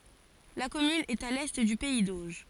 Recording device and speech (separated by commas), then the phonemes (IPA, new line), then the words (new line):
forehead accelerometer, read sentence
la kɔmyn ɛt a lɛ dy pɛi doʒ
La commune est à l'est du pays d'Auge.